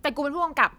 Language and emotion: Thai, angry